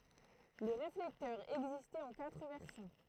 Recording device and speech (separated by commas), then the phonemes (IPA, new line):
throat microphone, read sentence
lə ʁeflɛktœʁ ɛɡzistɛt ɑ̃ katʁ vɛʁsjɔ̃